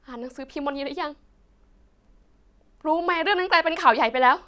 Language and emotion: Thai, sad